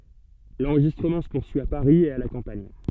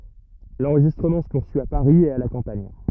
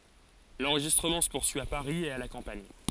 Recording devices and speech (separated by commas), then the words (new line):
soft in-ear microphone, rigid in-ear microphone, forehead accelerometer, read sentence
L’enregistrement se poursuit à Paris et à la campagne.